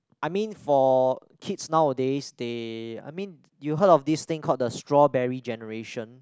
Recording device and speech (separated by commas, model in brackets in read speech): close-talking microphone, conversation in the same room